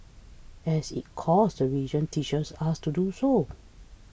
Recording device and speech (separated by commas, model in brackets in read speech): boundary microphone (BM630), read sentence